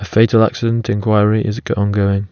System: none